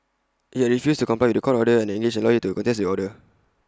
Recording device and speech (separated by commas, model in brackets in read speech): close-talking microphone (WH20), read sentence